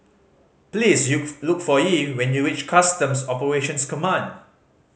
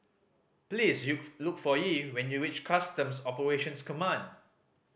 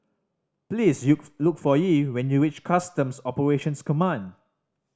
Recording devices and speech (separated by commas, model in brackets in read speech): mobile phone (Samsung C5010), boundary microphone (BM630), standing microphone (AKG C214), read sentence